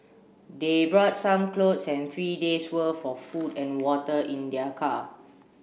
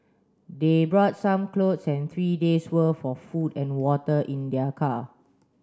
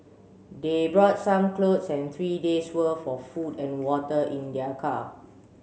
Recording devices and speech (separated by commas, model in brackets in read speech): boundary microphone (BM630), standing microphone (AKG C214), mobile phone (Samsung C7), read sentence